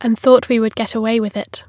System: none